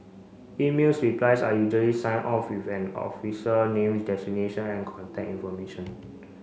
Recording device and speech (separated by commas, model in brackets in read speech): mobile phone (Samsung C5), read sentence